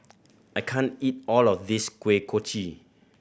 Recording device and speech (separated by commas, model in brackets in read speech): boundary microphone (BM630), read sentence